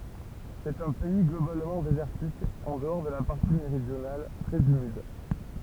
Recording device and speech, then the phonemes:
temple vibration pickup, read sentence
sɛt œ̃ pɛi ɡlobalmɑ̃ dezɛʁtik ɑ̃ dəɔʁ də la paʁti meʁidjonal tʁɛz ymid

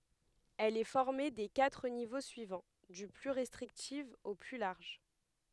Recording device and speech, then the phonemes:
headset microphone, read sentence
ɛl ɛ fɔʁme de katʁ nivo syivɑ̃ dy ply ʁɛstʁiktif o ply laʁʒ

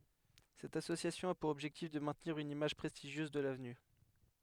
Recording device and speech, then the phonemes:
headset microphone, read sentence
sɛt asosjasjɔ̃ a puʁ ɔbʒɛktif də mɛ̃tniʁ yn imaʒ pʁɛstiʒjøz də lavny

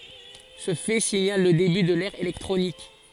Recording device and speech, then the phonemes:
forehead accelerometer, read sentence
sə fɛ siɲal lə deby də lɛʁ elɛktʁonik

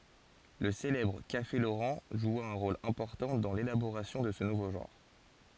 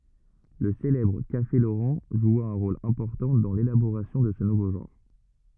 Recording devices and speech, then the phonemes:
forehead accelerometer, rigid in-ear microphone, read sentence
lə selɛbʁ kafe loʁɑ̃ ʒwa œ̃ ʁol ɛ̃pɔʁtɑ̃ dɑ̃ lelaboʁasjɔ̃ də sə nuvo ʒɑ̃ʁ

